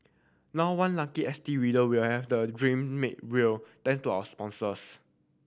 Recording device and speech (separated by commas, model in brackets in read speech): boundary microphone (BM630), read sentence